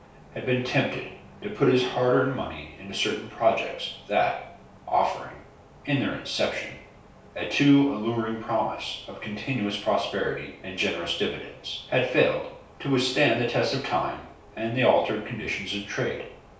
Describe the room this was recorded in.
A small room (about 3.7 m by 2.7 m).